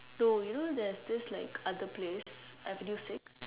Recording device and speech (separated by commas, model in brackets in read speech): telephone, conversation in separate rooms